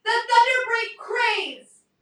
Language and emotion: English, neutral